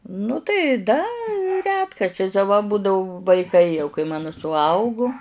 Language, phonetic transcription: Lithuanian, nu tai ˈda ˈretkarčiais a va ˈbudavu vaiˈkai jau kai ˈmano suˈaugu

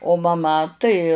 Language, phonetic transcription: Lithuanian, o maˈma tai

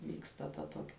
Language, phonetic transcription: Lithuanian, ˈvyksta ta ˈtokia

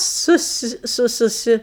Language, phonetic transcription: Lithuanian, ˈsus ˈsu suˈsi

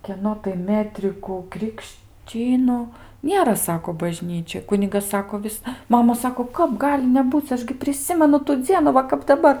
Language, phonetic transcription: Lithuanian, kieˈno tai ˈmetrikų krikšˈčynu ˈnėra ˈsako baˈžnyčioj ˈkunigas ˈsako ˈvis ˈmama ˈsako ˈkap ˈgali neˈbūc ˈaš gi priˈsimenu tu ˈdzienu ˈva kap daˈbar

